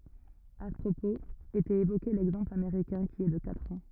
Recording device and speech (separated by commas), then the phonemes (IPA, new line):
rigid in-ear microphone, read sentence
a sə pʁopoz etɛt evoke lɛɡzɑ̃pl ameʁikɛ̃ ki ɛ də katʁ ɑ̃